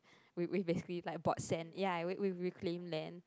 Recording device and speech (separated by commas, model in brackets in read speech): close-talking microphone, conversation in the same room